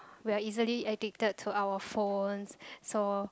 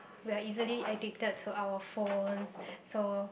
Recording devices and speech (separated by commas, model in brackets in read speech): close-talking microphone, boundary microphone, conversation in the same room